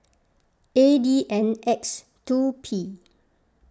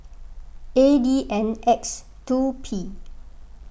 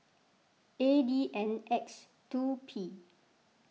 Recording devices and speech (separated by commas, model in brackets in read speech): close-talking microphone (WH20), boundary microphone (BM630), mobile phone (iPhone 6), read sentence